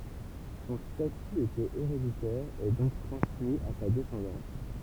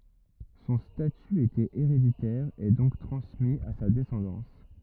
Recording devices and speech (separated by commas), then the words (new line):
temple vibration pickup, rigid in-ear microphone, read sentence
Son statut était héréditaire et donc transmis à sa descendance.